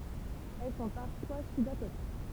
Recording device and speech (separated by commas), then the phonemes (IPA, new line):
temple vibration pickup, read sentence
ɛl sɔ̃ paʁfwa sybakatik